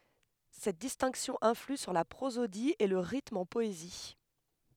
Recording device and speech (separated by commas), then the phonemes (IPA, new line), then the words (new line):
headset microphone, read sentence
sɛt distɛ̃ksjɔ̃ ɛ̃fly syʁ la pʁozodi e lə ʁitm ɑ̃ pɔezi
Cette distinction influe sur la prosodie et le rythme en poésie.